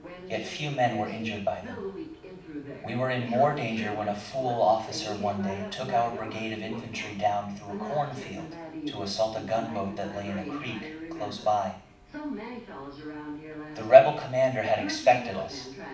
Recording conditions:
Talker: one person; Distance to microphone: 5.8 m; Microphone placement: far; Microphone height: 1.8 m; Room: medium-sized (5.7 m by 4.0 m); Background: television

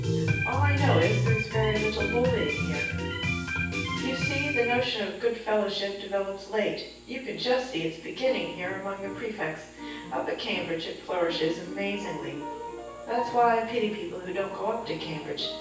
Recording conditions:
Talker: one person; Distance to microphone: 9.8 m; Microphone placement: far; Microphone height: 1.8 m; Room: large; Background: music

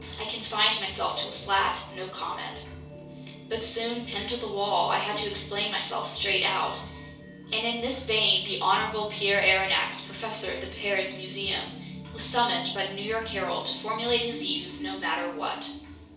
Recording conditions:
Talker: one person; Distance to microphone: 3.0 m; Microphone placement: far; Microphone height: 1.8 m; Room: small (3.7 m by 2.7 m); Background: music

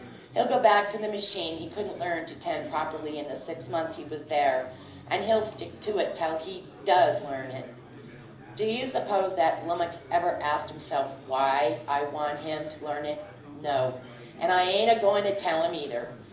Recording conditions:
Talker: one person; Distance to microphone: 2.0 m; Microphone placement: close; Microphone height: 99 cm; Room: medium-sized (5.7 m by 4.0 m); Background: babble

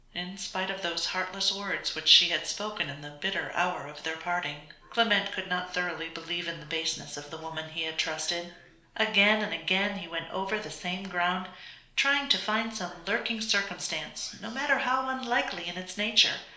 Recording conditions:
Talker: one person; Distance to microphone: 1.0 m; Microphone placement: close; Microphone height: 1.1 m; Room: small (3.7 m by 2.7 m); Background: television

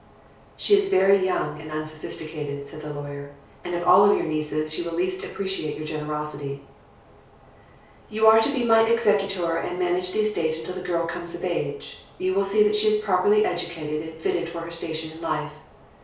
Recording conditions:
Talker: one person; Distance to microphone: 3.0 m; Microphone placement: far; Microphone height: 1.8 m; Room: small (3.7 m by 2.7 m); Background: none

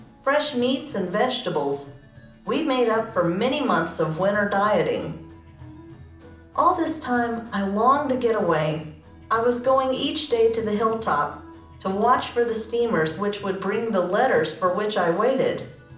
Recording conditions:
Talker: one person; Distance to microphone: 2.0 m; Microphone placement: close; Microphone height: 99 cm; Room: medium-sized (5.7 m by 4.0 m); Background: music

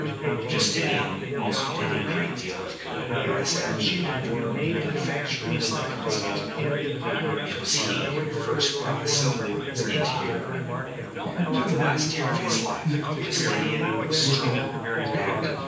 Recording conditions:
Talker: one person; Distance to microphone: 9.8 m; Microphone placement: far; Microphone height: 1.8 m; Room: large; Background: babble

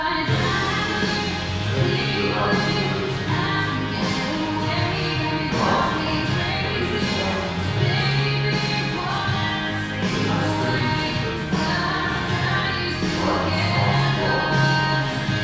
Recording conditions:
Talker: one person; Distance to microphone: 7.1 m; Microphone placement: far; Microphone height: 1.7 m; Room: very reverberant, large; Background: music

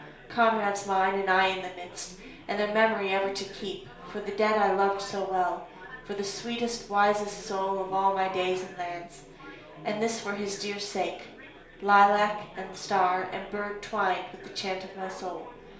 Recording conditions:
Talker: one person; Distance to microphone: 1.0 m; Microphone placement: close; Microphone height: 1.1 m; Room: small (3.7 m by 2.7 m); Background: babble

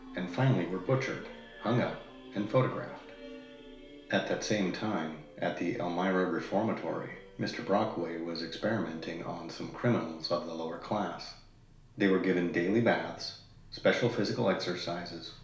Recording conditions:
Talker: one person; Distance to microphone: 1.0 m; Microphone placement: close; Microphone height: 1.1 m; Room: small (3.7 m by 2.7 m); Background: music

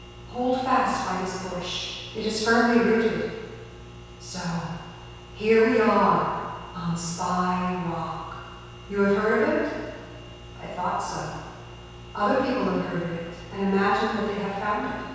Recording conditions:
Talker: one person; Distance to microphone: 7.1 m; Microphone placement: far; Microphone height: 1.7 m; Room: very reverberant, large; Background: none

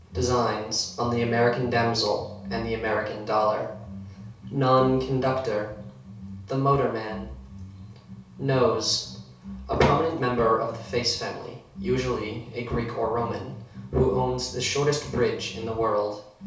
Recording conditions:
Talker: one person; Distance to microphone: 3.0 m; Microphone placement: far; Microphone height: 1.8 m; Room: small (3.7 m by 2.7 m); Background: music

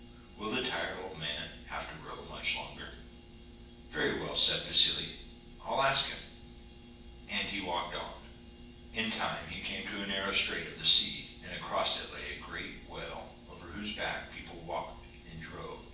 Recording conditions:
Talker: one person; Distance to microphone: 9.8 m; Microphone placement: far; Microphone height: 1.8 m; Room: large; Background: none

